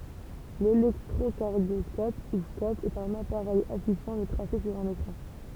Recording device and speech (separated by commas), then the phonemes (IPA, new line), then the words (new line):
temple vibration pickup, read sentence
lelɛktʁokaʁdjɔskɔp u skɔp ɛt œ̃n apaʁɛj afiʃɑ̃ lə tʁase syʁ œ̃n ekʁɑ̃
L'électrocardioscope, ou scope, est un appareil affichant le tracé sur un écran.